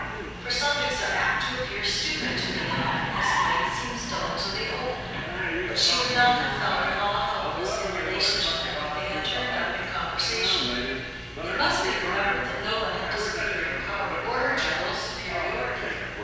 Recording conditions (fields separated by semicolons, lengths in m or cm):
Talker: one person; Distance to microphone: 7.1 m; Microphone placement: far; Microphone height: 1.7 m; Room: very reverberant, large; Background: television